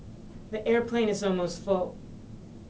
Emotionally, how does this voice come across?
neutral